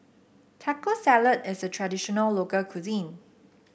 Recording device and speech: boundary microphone (BM630), read sentence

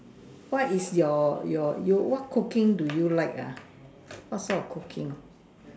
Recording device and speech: standing microphone, conversation in separate rooms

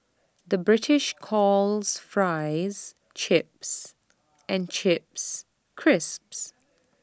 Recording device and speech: standing microphone (AKG C214), read sentence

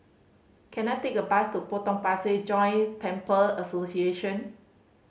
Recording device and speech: mobile phone (Samsung C5010), read sentence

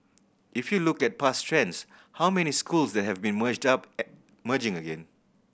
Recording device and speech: boundary microphone (BM630), read sentence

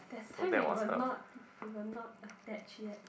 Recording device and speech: boundary microphone, conversation in the same room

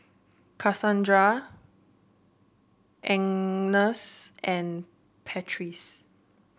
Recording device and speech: boundary microphone (BM630), read sentence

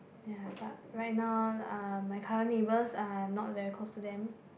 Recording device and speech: boundary microphone, conversation in the same room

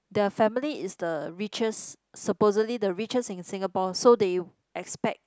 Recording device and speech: close-talking microphone, conversation in the same room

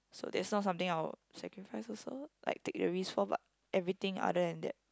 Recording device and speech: close-talking microphone, conversation in the same room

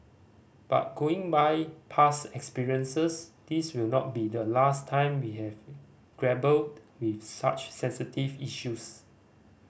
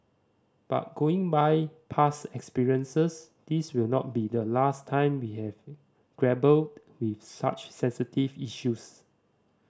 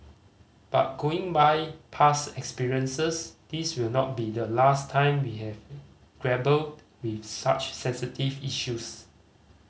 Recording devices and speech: boundary microphone (BM630), standing microphone (AKG C214), mobile phone (Samsung C5010), read sentence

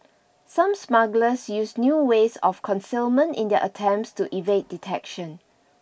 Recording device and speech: boundary microphone (BM630), read sentence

